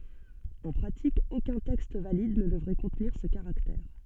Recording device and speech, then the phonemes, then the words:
soft in-ear microphone, read sentence
ɑ̃ pʁatik okœ̃ tɛkst valid nə dəvʁɛ kɔ̃tniʁ sə kaʁaktɛʁ
En pratique, aucun texte valide ne devrait contenir ce caractère.

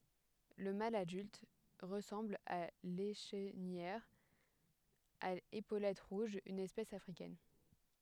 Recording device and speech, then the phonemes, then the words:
headset microphone, read sentence
lə mal adylt ʁəsɑ̃bl a leʃnijœʁ a epolɛt ʁuʒz yn ɛspɛs afʁikɛn
Le mâle adulte ressemble à l'Échenilleur à épaulettes rouges, une espèce africaine.

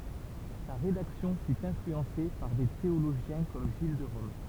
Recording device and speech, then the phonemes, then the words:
temple vibration pickup, read sentence
sa ʁedaksjɔ̃ fy ɛ̃flyɑ̃se paʁ de teoloʒjɛ̃ kɔm ʒil də ʁɔm
Sa rédaction fut influencée par des théologiens comme Gilles de Rome.

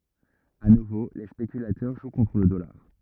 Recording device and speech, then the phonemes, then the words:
rigid in-ear microphone, read sentence
a nuvo le spekylatœʁ ʒw kɔ̃tʁ lə dɔlaʁ
À nouveau les spéculateurs jouent contre le dollar.

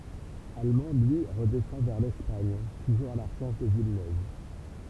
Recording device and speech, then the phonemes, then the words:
temple vibration pickup, read sentence
almɑ̃ lyi ʁədɛsɑ̃ vɛʁ lɛspaɲ tuʒuʁz a la ʁəʃɛʁʃ də vilnøv
Allemand, lui, redescend vers l'Espagne, toujours à la recherche de Villeneuve.

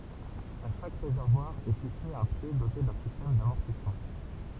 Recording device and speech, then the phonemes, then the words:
temple vibration pickup, read sentence
a ʃak ʁezɛʁvwaʁ ɛ fikse œ̃ pje dote dœ̃ sistɛm damɔʁtismɑ̃
À chaque réservoir est fixé un pied doté d'un système d'amortissement.

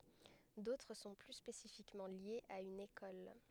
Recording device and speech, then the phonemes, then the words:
headset microphone, read sentence
dotʁ sɔ̃ ply spesifikmɑ̃ ljez a yn ekɔl
D'autres sont plus spécifiquement liés à une école.

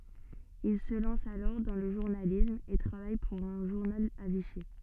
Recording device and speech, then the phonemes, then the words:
soft in-ear microphone, read sentence
il sə lɑ̃s alɔʁ dɑ̃ lə ʒuʁnalism e tʁavaj puʁ œ̃ ʒuʁnal a viʃi
Il se lance alors dans le journalisme et travaille pour un journal à Vichy.

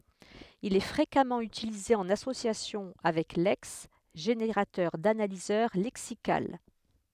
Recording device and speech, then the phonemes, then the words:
headset microphone, read sentence
il ɛ fʁekamɑ̃ ytilize ɑ̃n asosjasjɔ̃ avɛk lɛks ʒeneʁatœʁ danalizœʁ lɛksikal
Il est fréquemment utilisé en association avec Lex, générateur d'analyseur lexical.

